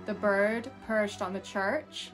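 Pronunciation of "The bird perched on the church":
The sentence is an attempt at a West Coast American accent, with a rhoticized accent, but it still sounds a little strange.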